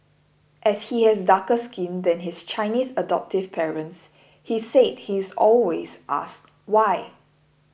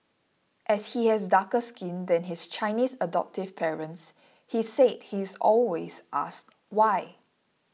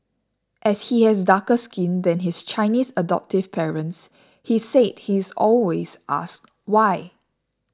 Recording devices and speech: boundary microphone (BM630), mobile phone (iPhone 6), standing microphone (AKG C214), read sentence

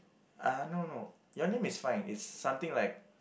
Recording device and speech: boundary microphone, conversation in the same room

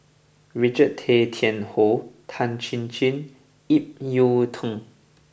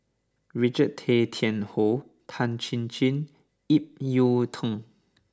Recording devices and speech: boundary microphone (BM630), standing microphone (AKG C214), read sentence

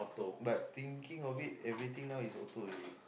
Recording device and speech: boundary microphone, conversation in the same room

